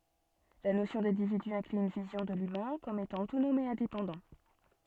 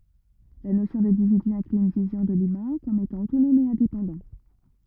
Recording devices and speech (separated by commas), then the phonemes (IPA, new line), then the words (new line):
soft in-ear microphone, rigid in-ear microphone, read sentence
la nosjɔ̃ dɛ̃dividy ɛ̃kly yn vizjɔ̃ də lymɛ̃ kɔm etɑ̃ otonɔm e ɛ̃depɑ̃dɑ̃
La notion d'individu inclut une vision de l'humain comme étant autonome et indépendant.